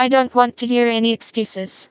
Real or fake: fake